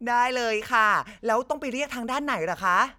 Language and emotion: Thai, happy